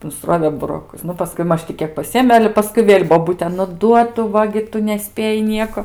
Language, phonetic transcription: Lithuanian, nusˈrovė buroˈkus ˈnu paˈskui ˈmaž ti ˈkiek paˈsiėmė ˈale ˈpaskui ˈvėl' boˈbutė nu ˈduo ˈtu ˈva gi ˈtu neˈspėji ˈnieko

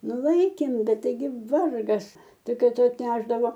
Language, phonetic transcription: Lithuanian, ˈnu ˈlaikėm ˈbet taiˈgi ˈvargas ˈtik ˈkai ˈtu atˈnešdavo

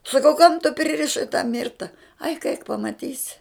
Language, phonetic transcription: Lithuanian, saˈkau kam tu pririˈšai tą ˈmirta aik aik pamaˈtysi

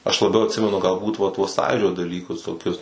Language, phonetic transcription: Lithuanian, aš laˈbiau atˈsimenu galˈbūt va tuos ˈsąjūdžio daˈlykus toˈkius

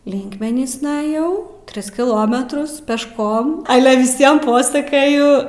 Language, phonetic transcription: Lithuanian, ˈlinkmenysna aˈjau ˈtris kiˈlometrus pešˈkom ale viˈsiem ˈposakaju

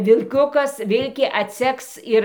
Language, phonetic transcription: Lithuanian, vilˈkiukas ˈvilkė atˈseks ir

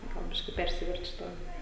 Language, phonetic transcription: Lithuanian, ˈgal ˈbiški ˈpersiverčiu ˈtą

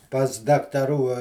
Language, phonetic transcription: Lithuanian, pas daktaˈrų

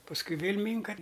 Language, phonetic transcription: Lithuanian, pasˈkui ˈvėl' ˈmynka

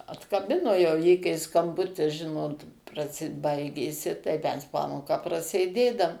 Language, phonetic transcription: Lithuanian, atkaˈbino jau ˈjį kai skamˈbutis ˈžinot praˈsi ˈbaigėsi tai ˈmes ˈpamoką prasėˈdėdam

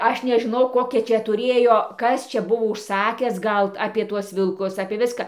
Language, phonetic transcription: Lithuanian, ˈaš nežiˈnau ˈkokia ˈčia tuˈrėjo ˈkas ˈčia ˈbuvo užˈsakęs ˈgal apie ˈtuos vilˈkus apie ˈviską

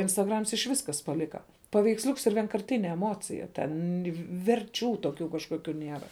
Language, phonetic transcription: Lithuanian, instaˈgrams iš ˈvis ˈkas paˈlika paveiksˈliuks ir vienkarˈtine eˈmocija ˈten verˈčių toˈkių kažkoˈkių ˈnėra

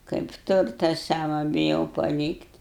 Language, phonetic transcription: Lithuanian, kaip ˈturta ˈsava biˈjau paˈlykt'

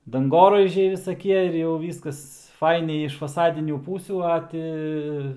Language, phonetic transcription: Lithuanian, danˈgoraižiai visaˈkie ir jau ˈvyskas ˈfainiai iš faˈsadinių ˈpūsių ˈa ti

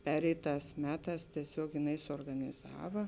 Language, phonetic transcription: Lithuanian, ˈpereiˌtās ˈmeˌtās tieˈsiog jiˈnai suorganiˈzava

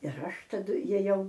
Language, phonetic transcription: Lithuanian, ir ˈaš taˈdu jėˈjau

